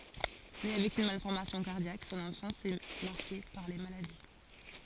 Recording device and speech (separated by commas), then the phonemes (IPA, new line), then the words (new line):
forehead accelerometer, read sentence
ne avɛk yn malfɔʁmasjɔ̃ kaʁdjak sɔ̃n ɑ̃fɑ̃s ɛ maʁke paʁ le maladi
Né avec une malformation cardiaque, son enfance est marquée par les maladies.